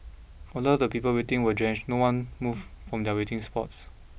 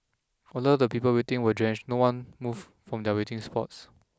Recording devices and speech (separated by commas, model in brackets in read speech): boundary microphone (BM630), close-talking microphone (WH20), read sentence